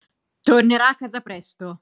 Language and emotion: Italian, angry